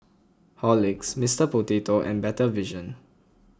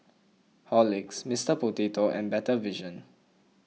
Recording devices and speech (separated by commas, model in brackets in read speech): close-talking microphone (WH20), mobile phone (iPhone 6), read sentence